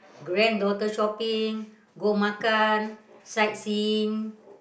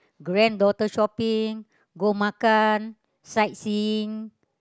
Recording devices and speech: boundary microphone, close-talking microphone, conversation in the same room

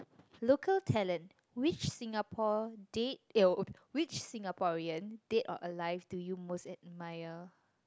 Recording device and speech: close-talking microphone, conversation in the same room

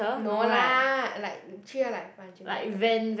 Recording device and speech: boundary microphone, conversation in the same room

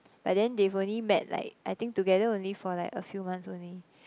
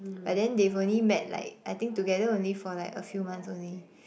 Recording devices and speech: close-talking microphone, boundary microphone, conversation in the same room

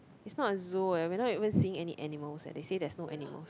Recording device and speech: close-talking microphone, conversation in the same room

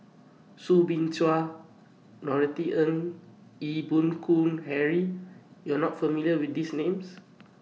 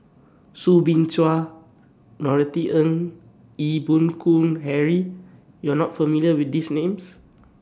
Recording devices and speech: mobile phone (iPhone 6), standing microphone (AKG C214), read sentence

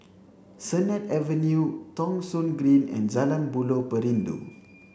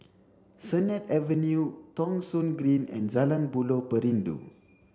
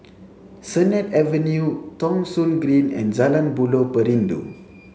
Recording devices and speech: boundary microphone (BM630), standing microphone (AKG C214), mobile phone (Samsung C7), read sentence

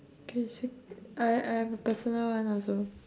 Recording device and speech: standing microphone, conversation in separate rooms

